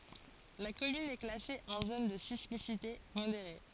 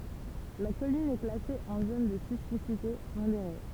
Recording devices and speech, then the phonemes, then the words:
forehead accelerometer, temple vibration pickup, read sentence
la kɔmyn ɛ klase ɑ̃ zon də sismisite modeʁe
La commune est classée en zone de sismicité modérée.

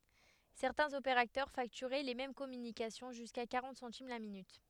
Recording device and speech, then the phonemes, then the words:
headset microphone, read sentence
sɛʁtɛ̃z opeʁatœʁ faktyʁɛ le mɛm kɔmynikasjɔ̃ ʒyska kaʁɑ̃t sɑ̃tim la minyt
Certains opérateurs facturaient les mêmes communications jusqu'à quarante centimes la minute.

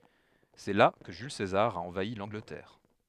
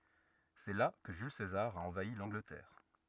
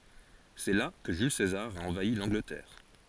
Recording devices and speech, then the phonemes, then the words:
headset microphone, rigid in-ear microphone, forehead accelerometer, read sentence
sɛ la kə ʒyl sezaʁ a ɑ̃vai lɑ̃ɡlətɛʁ
C'est là que Jules César a envahi l'Angleterre.

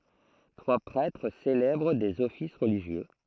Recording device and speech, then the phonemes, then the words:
throat microphone, read sentence
tʁwa pʁɛtʁ selɛbʁ dez ɔfis ʁəliʒjø
Trois prêtres célèbrent des offices religieux.

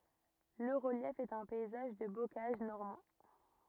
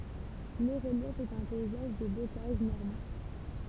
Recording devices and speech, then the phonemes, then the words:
rigid in-ear microphone, temple vibration pickup, read sentence
lə ʁəljɛf ɛt œ̃ pɛizaʒ də bokaʒ nɔʁmɑ̃
Le relief est un paysage de bocage normand.

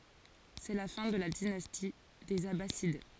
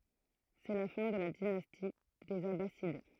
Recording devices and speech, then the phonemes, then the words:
forehead accelerometer, throat microphone, read sentence
sɛ la fɛ̃ də la dinasti dez abasid
C’est la fin de la dynastie des Abbassides.

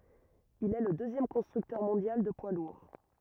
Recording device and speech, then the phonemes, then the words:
rigid in-ear microphone, read sentence
il ɛ lə døzjɛm kɔ̃stʁyktœʁ mɔ̃djal də pwa luʁ
Il est le deuxième constructeur mondial de poids lourds.

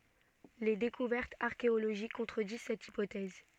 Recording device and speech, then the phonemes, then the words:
soft in-ear microphone, read sentence
le dekuvɛʁtz aʁkeoloʒik kɔ̃tʁədiz sɛt ipotɛz
Les découvertes archéologiques contredisent cette hypothèse.

